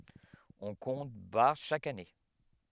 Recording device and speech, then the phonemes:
headset microphone, read sentence
ɔ̃ kɔ̃t baʁ ʃak ane

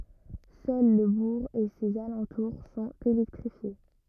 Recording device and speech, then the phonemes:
rigid in-ear microphone, read sentence
sœl lə buʁ e sez alɑ̃tuʁ sɔ̃t elɛktʁifje

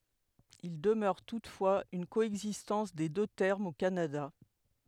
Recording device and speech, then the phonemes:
headset microphone, read sentence
il dəmœʁ tutfwaz yn koɛɡzistɑ̃s de dø tɛʁmz o kanada

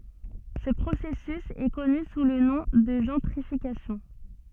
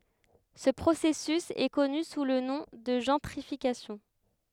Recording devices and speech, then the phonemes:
soft in-ear microphone, headset microphone, read sentence
sə pʁosɛsys ɛ kɔny su lə nɔ̃ də ʒɑ̃tʁifikasjɔ̃

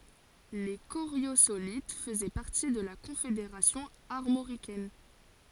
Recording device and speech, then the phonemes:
forehead accelerometer, read sentence
le koʁjozolit fəzɛ paʁti də la kɔ̃fedeʁasjɔ̃ aʁmoʁikɛn

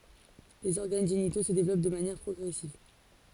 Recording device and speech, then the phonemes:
forehead accelerometer, read sentence
lez ɔʁɡan ʒenito sə devlɔp də manjɛʁ pʁɔɡʁɛsiv

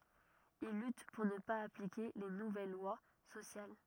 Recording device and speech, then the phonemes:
rigid in-ear microphone, read sentence
il lyt puʁ nə paz aplike le nuvɛl lwa sosjal

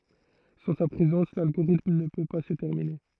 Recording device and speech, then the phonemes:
throat microphone, read sentence
sɑ̃ sa pʁezɑ̃s lalɡoʁitm nə pø pa sə tɛʁmine

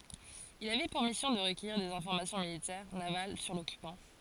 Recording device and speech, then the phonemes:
forehead accelerometer, read sentence
il avɛ puʁ misjɔ̃ də ʁəkœjiʁ dez ɛ̃fɔʁmasjɔ̃ militɛʁ naval syʁ lɔkypɑ̃

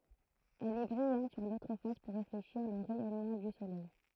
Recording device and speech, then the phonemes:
throat microphone, read sentence
ɛl ɛ bʁijɑ̃t syʁ lotʁ fas puʁ ʁefleʃiʁ lə ʁɛjɔnmɑ̃ dy solɛj

